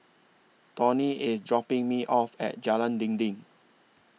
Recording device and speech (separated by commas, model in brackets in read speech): mobile phone (iPhone 6), read sentence